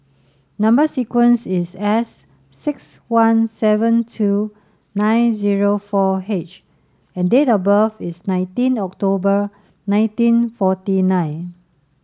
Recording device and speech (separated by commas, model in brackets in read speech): standing microphone (AKG C214), read sentence